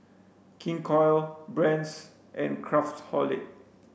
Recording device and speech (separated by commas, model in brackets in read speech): boundary microphone (BM630), read sentence